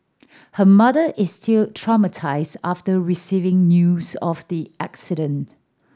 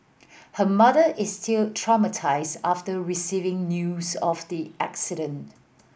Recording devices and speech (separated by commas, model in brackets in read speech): standing microphone (AKG C214), boundary microphone (BM630), read sentence